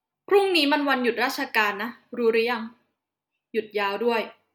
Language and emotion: Thai, frustrated